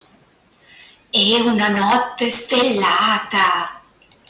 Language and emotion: Italian, surprised